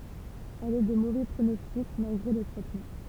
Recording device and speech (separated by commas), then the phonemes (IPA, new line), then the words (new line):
temple vibration pickup, read sentence
ɛl ɛ də movɛ pʁonɔstik malɡʁe lə tʁɛtmɑ̃
Elle est de mauvais pronostic malgré le traitement.